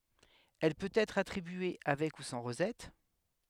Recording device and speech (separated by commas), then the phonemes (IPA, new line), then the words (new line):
headset microphone, read sentence
ɛl pøt ɛtʁ atʁibye avɛk u sɑ̃ ʁozɛt
Elle peut être attribué avec ou sans rosette.